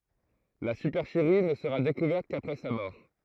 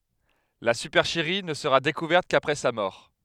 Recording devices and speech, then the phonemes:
throat microphone, headset microphone, read sentence
la sypɛʁʃəʁi nə səʁa dekuvɛʁt kapʁɛ sa mɔʁ

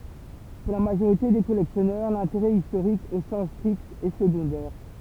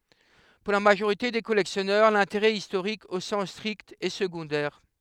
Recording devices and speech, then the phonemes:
temple vibration pickup, headset microphone, read sentence
puʁ la maʒoʁite de kɔlɛksjɔnœʁ lɛ̃teʁɛ istoʁik o sɑ̃s stʁikt ɛ səɡɔ̃dɛʁ

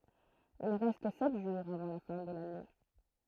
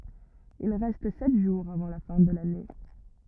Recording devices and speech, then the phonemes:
throat microphone, rigid in-ear microphone, read sentence
il ʁɛst sɛt ʒuʁz avɑ̃ la fɛ̃ də lane

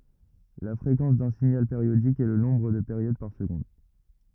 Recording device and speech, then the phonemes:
rigid in-ear microphone, read sentence
la fʁekɑ̃s dœ̃ siɲal peʁjodik ɛ lə nɔ̃bʁ də peʁjod paʁ səɡɔ̃d

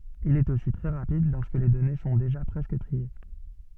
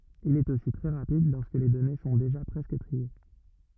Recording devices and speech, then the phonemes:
soft in-ear microphone, rigid in-ear microphone, read sentence
il ɛt osi tʁɛ ʁapid lɔʁskə le dɔne sɔ̃ deʒa pʁɛskə tʁie

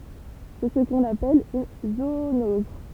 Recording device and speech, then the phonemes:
temple vibration pickup, read sentence
sɛ sə kɔ̃n apɛl yn zoonɔz

